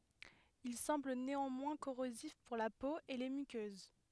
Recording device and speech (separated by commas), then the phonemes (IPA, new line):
headset microphone, read sentence
il sɑ̃bl neɑ̃mwɛ̃ koʁozif puʁ la po e le mykøz